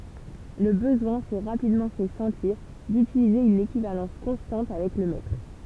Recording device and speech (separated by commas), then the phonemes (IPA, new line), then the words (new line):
temple vibration pickup, read sentence
lə bəzwɛ̃ sɛ ʁapidmɑ̃ fɛ sɑ̃tiʁ dytilize yn ekivalɑ̃s kɔ̃stɑ̃t avɛk lə mɛtʁ
Le besoin s'est rapidement fait sentir d'utiliser une équivalence constante avec le mètre.